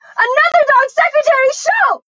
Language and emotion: English, fearful